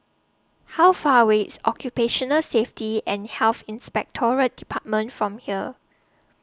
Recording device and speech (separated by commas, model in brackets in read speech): standing microphone (AKG C214), read sentence